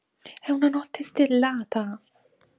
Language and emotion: Italian, surprised